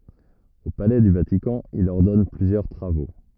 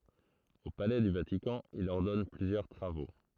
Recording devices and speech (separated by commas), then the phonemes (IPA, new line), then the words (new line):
rigid in-ear microphone, throat microphone, read sentence
o palɛ dy vatikɑ̃ il ɔʁdɔn plyzjœʁ tʁavo
Au palais du Vatican, il ordonne plusieurs travaux.